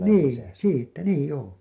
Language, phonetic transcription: Finnish, 'niin , "siittä 'niij 'joo .
- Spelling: niin siitä niin joo

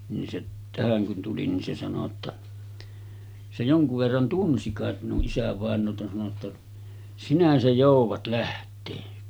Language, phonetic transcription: Finnish, nin se , 'tähäŋ kun tuli ni se sano ‿tta , se 'joŋkuv verran 'tunsi kàet minuˀ 'ˀisävàen̆noota sano ‿tta , » 'sinä se jòuvat 'läht̆tee « .
- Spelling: niin se tähän kun tuli niin se sanoi jotta se jonkun verran tunsi kai minun isävainaata sanoi jotta sinä se joudat lähteä

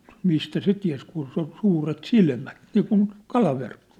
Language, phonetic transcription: Finnish, 'mistä 'se tiä̭s kun su- , 'suuret 'silmät , 'niikun , "kalaverkkᴏ .
- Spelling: mistä se tiesi kun - suuret silmät niin kuin kalaverkko

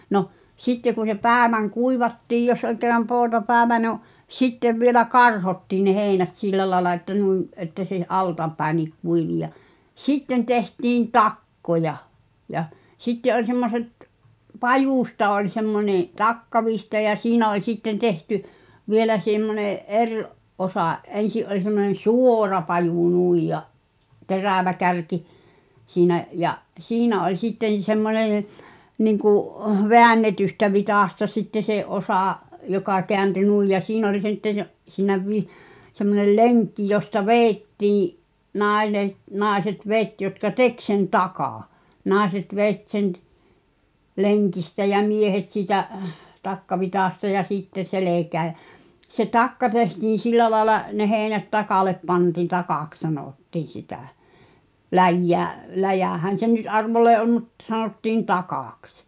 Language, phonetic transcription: Finnish, 'noh , sitte ku se 'pääväŋ "kuivattiij jos ol ke(rr)am 'poota'päävä no , "sittev vielä "karhottiin ne 'heeⁱnät 'sillä laĕla että nuim , että se , "altapäi̬niik 'kuivi ja , "sitten tehtiin "takkoja , ja , 'sitte 'oĺ semmoset , "pajusta oĺ 'semmońeḛ , "takkavihta ja 'siinä oĺ 'sitten 'tehty , "vielä semmone’ "’er’ , '’osa’ , '’ensi’ ’oĺ semmonen̬ "sù̳ò̳ra pajù 'nuij ja , 'terä̀vä kärki , siinä’ ja’ , "siinä oĺ 'sitten̬ semmonen̬ , niŋku’ , veännetystä 'vitàsta sitte 'se '’osà , joka keänty "nùij ja siin ‿oĺ sittə sə’ , siinä vi- , semmonel "leŋkki josta "veettii’ , 'nàe(ne)t , 'nàeset "vet jotka "tek sen "takà , 'nàeset 'vet sen t- , "leŋkistä ʲᵃ̈ "miehet siitä’ , 'takkavitàsta ja 'sitte "selekää ʲᵃ̈ , se "takka tehtiin̬ 'sillä laaᵉla , ne 'heeⁱnät "takàlep 'panti̳n̆ "takàks 'sanòttiiⁱ̰ 'sitä , "läjjä̀- , 'läjä̀hän̬ se nyt "arvollee '’om̆ mᵘt , 'sanòttiin "takàks .
- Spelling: no sitten kun se päivän kuivattiin jos oli kerran poutapäivä no sitten vielä karhottiin ne heinät sillä lailla että noin että se altapäinkin kuivui ja sitten tehtiin takkoja ja sitten oli semmoiset pajusta oli semmoinen takkavitsa ja siinä oli sitten tehty vielä semmoinen eri osa ensi oli semmoinen suora paju noin ja terävä kärki siinä ja siinä oli sitten semmoinen niin kuin väännetystä vitsasta sitten se osa joka kääntyi noin ja siinä oli sitten se siinä - semmoinen lenkki josta vedettiin - naiset veti jotka teki sen takan naiset veti sen - lenkistä ja miehet siitä takkavitsasta ja sitten selkään ja se takka tehtiin sillä lailla ne heinät takalle pantiin takaksi sanottiin sitä - läjähän se nyt arvolleen on mutta sanottiin takaksi

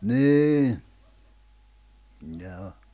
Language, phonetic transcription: Finnish, nii , nihä 'o .
- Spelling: niin niinhän on

